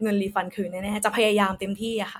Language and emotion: Thai, neutral